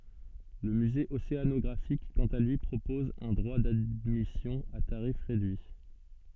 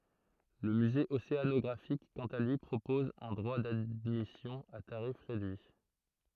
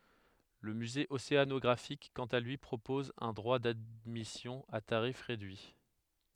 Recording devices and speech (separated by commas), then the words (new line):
soft in-ear microphone, throat microphone, headset microphone, read sentence
Le musée océanographique quant à lui propose un droit d’admission à tarif réduit.